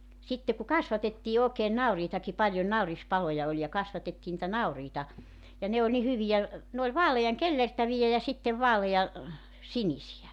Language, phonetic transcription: Finnish, 'sitte ku 'kasvatettii 'ookeen 'nauriitaki paljon 'nauris"paloja oĺ ja 'kasvatettii nⁱtä "nauriita , ja 'ne oĺ ni 'hyvijä , 'ne ‿ol 'vaalejaŋ "kellertävijä ja 'sittev 'vaaleʲa , "sinisijä .
- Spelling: sitten kun kasvatettiin oikein nauriitakin paljon naurispaloja oli ja kasvatettiin niitä nauriita ja ne oli niin hyviä ne oli vaalean kellertäviä ja sitten vaalean sinisiä

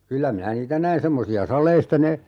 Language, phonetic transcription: Finnish, 'kyllä minä "niitä näin 'semmosi₍a 'sal̀eista ne , .
- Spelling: kyllä minä niitä näin semmoisia saleista ne

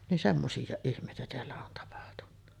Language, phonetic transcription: Finnish, nin 'semmosijjàeˀ 'ˀihm̀èitä teällä on tapahtunna .
- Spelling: niin semmoisia ihmeitä täällä on tapahtunut

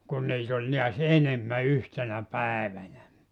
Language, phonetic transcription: Finnish, kun 'niit ‿oĺ niäs "enemmä "yhtenä "päevänä .
- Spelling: kun niitä oli näet enemmän yhtenä päivänä

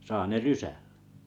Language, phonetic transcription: Finnish, 'sa 'ne "rysäʟʟᴀ̈ .
- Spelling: saa ne rysällä

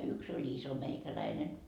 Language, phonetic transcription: Finnish, yks ‿oĺ "iso meikäläinen .
- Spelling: yksi oli iso meikäläinen

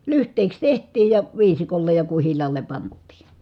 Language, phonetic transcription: Finnish, lyht̀èi̮ks teht̆tiij ja , viisikollej ja kuhil̆laale pant̆tii .
- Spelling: lyhteiksi tehtiin ja viisikolle ja kuhilaalle pantiin

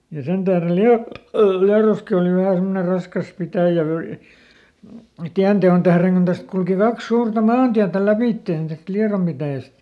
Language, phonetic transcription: Finnish, ja ˈsen tährel ˈLia- , ˈLiaroski òli ˈvähä ˈsemmone ˈraskas ˈpitä̀jä vöi- , "tiän te₍on tähreŋ kun ˈtäst kulki ˈkaks ˈsuurta "maantiätä ˈläpìttèn täst ˈLiarom pitä̀jäst .
- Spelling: ja sen tähden - Liedossakin oli vähän semmoinen raskas pitäjä - tien teon tähden kun tästä kulki kaksi suurta maantietä lävitse tästä Liedon pitäjästä

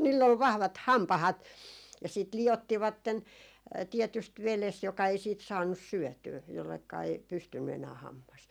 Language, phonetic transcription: Finnish, niill ‿ol 'vahvat "hampahat , ja siit 'li₍ottivatten , 'tiɛtyst "veles joka ei 'siit 'saannus "syɔ̈̀tyy , jollekka ei , 'pystynny enää 'hammas .
- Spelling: niillä oli vahvat hampaat ja sitten liottivat tietysti vedessä joka ei siitä saanut syötyä jolleka ei pystynyt enää hammas

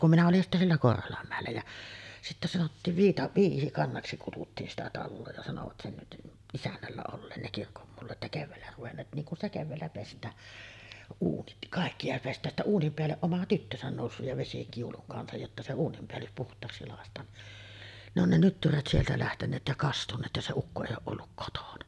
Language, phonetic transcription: Finnish, kum 'minä olin sittä siellä "Korholammä̀ellä jä , sittä sanottiiv 'Viita- , 'Viisikannaksi kututtiin sitä "talloo ja sanovat 'sen , 'isännällä olleen ne 'kirkommullat ja 'kevväällä ruvenneet 'niiŋ kun ‿sta kevväällä 'pest̀ää , 'uunit , 'kàikki ja pest̀ääj jä sittä 'uunim peälleˀ "ˀoma 'tyttösän nòussuj ja 'vesikiuluŋ kansaj jotta 'se "uunimpeällys 'puht̀aaksi làest̀aan ni , ne ‿on ne 'nyttyrät sieltä lähteǹeet ja "kastuǹeet ja se 'ukko 'èij̆j ‿ooˀ ˀolluk 'kotona .
- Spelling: kun minä olin sitten siellä Korholanmäellä ja sitten sanottiin - Viisikannaksi kutsuttiin sitä taloa ja sanoivat sen isännällä olleen ne kirkonmullat ja keväällä ruvenneet niin kun sitä keväällä pestään uunit kaikki ja pestään ja sitten uunin päälle oma tyttönsä noussut ja vesikiulun kanssa jotta se uuninpäällys puhtaaksi lakaistaan niin ne on ne nyttyrät sieltä lähteneet ja kastuneet ja se ukko ei ole ollut kotona

